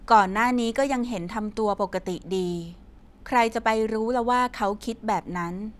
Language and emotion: Thai, neutral